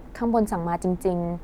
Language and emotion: Thai, frustrated